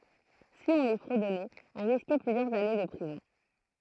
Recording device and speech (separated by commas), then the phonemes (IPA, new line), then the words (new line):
throat microphone, read sentence
si ɔ̃ le fʁədɔnɛt ɔ̃ ʁiskɛ plyzjœʁz ane də pʁizɔ̃
Si on les fredonnait, on risquait plusieurs années de prison.